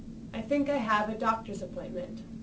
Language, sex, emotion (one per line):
English
female
neutral